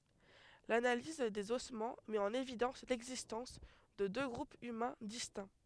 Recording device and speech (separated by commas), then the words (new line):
headset microphone, read sentence
L'analyse des ossements met en évidence l'existence de deux groupes humains distincts.